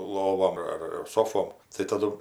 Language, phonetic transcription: Lithuanian, ˈlovom ar ir ˈsofom tai taˈdu

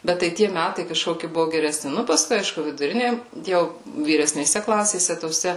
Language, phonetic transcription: Lithuanian, ˈbet tai ˈtie ˈmætai kaˈžkoki ˈbuvu gereˈsni ˈnu paˈskui ˈaišku viduˈrinė ˈjau vyresnėˈse ˈklasėse toˈse

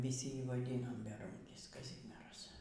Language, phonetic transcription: Lithuanian, viˈsi ˈjį vaˈdynom beˈrūnkis kaˈzimieras

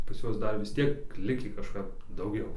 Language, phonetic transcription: Lithuanian, pas ˈjuos ˈdar vis ˈtiek ˈlikį kaˈžkap dauˈgiau

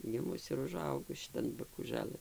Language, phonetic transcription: Lithuanian, giˈmus ir uˈžaugus šiˈtan bakūˈžalɘn

